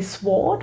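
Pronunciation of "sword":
'Sword' is pronounced incorrectly here: the W is sounded instead of being silent.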